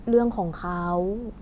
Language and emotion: Thai, neutral